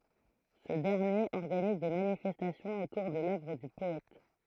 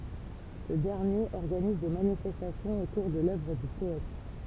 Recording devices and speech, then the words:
throat microphone, temple vibration pickup, read sentence
Ce dernier organise des manifestations autour de l'œuvre du poète.

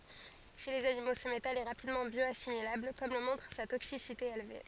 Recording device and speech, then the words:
forehead accelerometer, read sentence
Chez les animaux, ce métal est rapidement bioassimilable, comme le montre sa toxicité élevée.

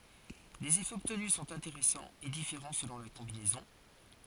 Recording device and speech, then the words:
forehead accelerometer, read sentence
Les effets obtenus sont intéressants et différents selon la combinaison.

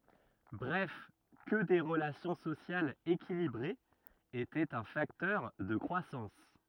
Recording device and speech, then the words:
rigid in-ear microphone, read sentence
Bref que des relations sociales équilibrées étaient un facteur de croissance.

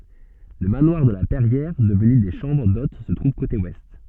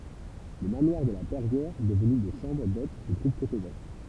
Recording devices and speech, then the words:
soft in-ear microphone, temple vibration pickup, read sentence
Le manoir de la Perrière, devenu des chambres d'hôtes se trouve côté Ouest.

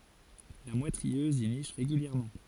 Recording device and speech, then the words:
forehead accelerometer, read sentence
La mouette rieuse y niche régulièrement.

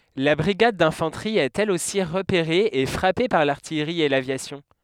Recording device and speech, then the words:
headset microphone, read sentence
La brigade d'infanterie est elle aussi repérée et frappée par l'artillerie et l'aviation.

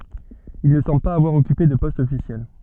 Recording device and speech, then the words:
soft in-ear microphone, read sentence
Il ne semble pas avoir occupé de poste officiel.

